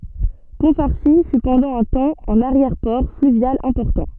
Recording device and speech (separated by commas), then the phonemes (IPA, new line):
soft in-ear microphone, read sentence
pɔ̃ faʁsi fy pɑ̃dɑ̃ œ̃ tɑ̃ œ̃n aʁjɛʁ pɔʁ flyvjal ɛ̃pɔʁtɑ̃